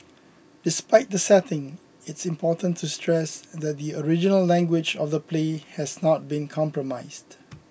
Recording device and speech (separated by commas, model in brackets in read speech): boundary microphone (BM630), read sentence